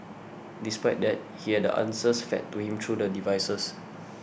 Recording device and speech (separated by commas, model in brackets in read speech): boundary microphone (BM630), read sentence